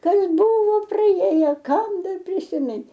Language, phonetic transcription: Lithuanian, ˈkas ˈbuvo praˈjėjo ˈkam ˈdar prisiˈmin

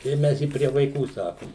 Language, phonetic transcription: Lithuanian, ir ˈmes i prie vaiˈkų ˈsakum

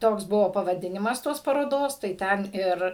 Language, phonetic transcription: Lithuanian, ˈtoks ˈbuvo pavaˈdinimas ˈtos paroˈdos tai ˈten ˈir

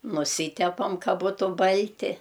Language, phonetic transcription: Lithuanian, nuˈsytepam ˈka ˈbūtu ˈbalti

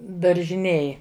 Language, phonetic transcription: Lithuanian, daržiˈnėj

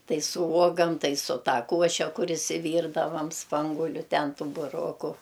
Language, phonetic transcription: Lithuanian, ˈtai su ˈuogam ˈtai su ˈta ˈkuoše ˈkur išsiˈvyrdavam ˈspanguliu ˈten ˈtų buˈroku

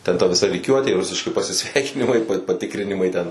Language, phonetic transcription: Lithuanian, ten ta viˈsa ryˈkiuotė ˈrusiški pasiˈsveikinimai paˈtikrinimai ten

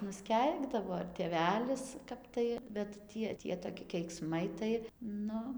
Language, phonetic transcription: Lithuanian, nusˈkeikdavo ir tėˈvelis ˈkap tai bet ˈtie ˈtie toˈki keikˈsmai tai ˈnu

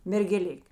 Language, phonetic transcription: Lithuanian, mergeˈlik'

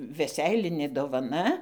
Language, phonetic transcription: Lithuanian, veˈseilinė dovaˈna

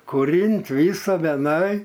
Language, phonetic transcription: Lithuanian, kuˈrynt ˈvysa veˈnai

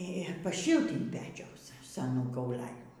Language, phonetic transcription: Lithuanian, i paˈšilt inˈ pečiaus seˈnų kauˈlelių

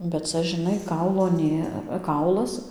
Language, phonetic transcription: Lithuanian, bet ˈca žiˈnai ˈkaulo ˈnė ˈkaulas

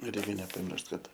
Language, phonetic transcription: Lithuanian, ˈreikia nepaˈmiršt ˈkad

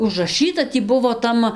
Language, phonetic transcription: Lithuanian, užraˈšɨta ˈtį ˈbuvo ˈtam

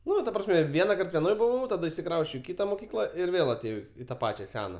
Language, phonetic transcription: Lithuanian, ˈnu ta prasˈme ˈvienakart veˈnoj buˈvau taˈda išsiˈkrausčiau i ˈkita moˈkykla ir ˈvėl atėˈjau i ta ˈpačia ˈsena

